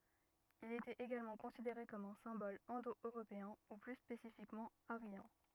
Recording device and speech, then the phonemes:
rigid in-ear microphone, read sentence
il etɛt eɡalmɑ̃ kɔ̃sideʁe kɔm œ̃ sɛ̃bɔl ɛ̃do øʁopeɛ̃ u ply spesifikmɑ̃ aʁjɑ̃

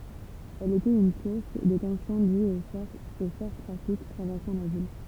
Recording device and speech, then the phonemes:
temple vibration pickup, read sentence
ɛl etɛt yn suʁs də tɑ̃sjɔ̃ dyz o fɔʁ tʁafik tʁavɛʁsɑ̃ la vil

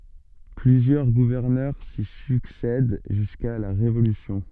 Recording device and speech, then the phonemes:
soft in-ear microphone, read sentence
plyzjœʁ ɡuvɛʁnœʁ si syksɛd ʒyska la ʁevolysjɔ̃

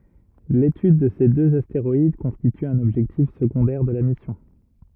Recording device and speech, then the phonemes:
rigid in-ear microphone, read sentence
letyd də se døz asteʁɔid kɔ̃stity œ̃n ɔbʒɛktif səɡɔ̃dɛʁ də la misjɔ̃

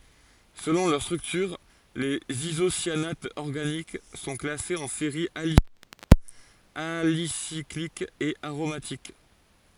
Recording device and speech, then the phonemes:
forehead accelerometer, read sentence
səlɔ̃ lœʁ stʁyktyʁ lez izosjanatz ɔʁɡanik sɔ̃ klasez ɑ̃ seʁiz alifatikz alisiklikz e aʁomatik

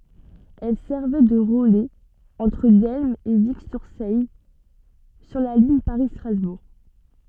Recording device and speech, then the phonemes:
soft in-ear microphone, read sentence
ɛl sɛʁvɛ də ʁəlɛz ɑ̃tʁ dɛlm e viksyʁsɛj syʁ la liɲ paʁistʁazbuʁ

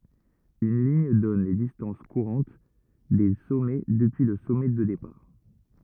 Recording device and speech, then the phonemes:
rigid in-ear microphone, read sentence
yn liɲ dɔn le distɑ̃s kuʁɑ̃t de sɔmɛ dəpyi lə sɔmɛ də depaʁ

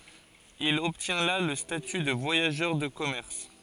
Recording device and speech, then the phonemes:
forehead accelerometer, read sentence
il ɔbtjɛ̃ la lə staty də vwajaʒœʁ də kɔmɛʁs

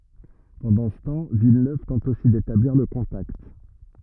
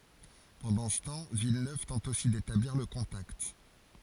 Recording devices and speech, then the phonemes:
rigid in-ear microphone, forehead accelerometer, read sentence
pɑ̃dɑ̃ sə tɑ̃ vilnøv tɑ̃t osi detabliʁ lə kɔ̃takt

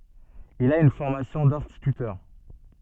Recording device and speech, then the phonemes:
soft in-ear microphone, read sentence
il a yn fɔʁmasjɔ̃ dɛ̃stitytœʁ

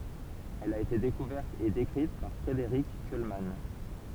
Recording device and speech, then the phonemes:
temple vibration pickup, read sentence
ɛl a ete dekuvɛʁt e dekʁit paʁ fʁedeʁik kylman

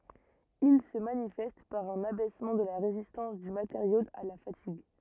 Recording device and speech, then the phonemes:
rigid in-ear microphone, read sentence
il sə manifɛst paʁ œ̃n abɛsmɑ̃ də la ʁezistɑ̃s dy mateʁjo a la fatiɡ

